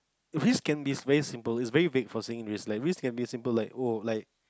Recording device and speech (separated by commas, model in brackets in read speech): close-talking microphone, conversation in the same room